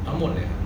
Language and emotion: Thai, neutral